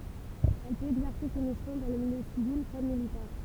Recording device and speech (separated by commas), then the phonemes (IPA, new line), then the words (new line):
temple vibration pickup, read sentence
ɛl pøt ɛɡzɛʁse se misjɔ̃ dɑ̃ lə miljø sivil kɔm militɛʁ
Elle peut exercer ses missions dans le milieu civil comme militaire.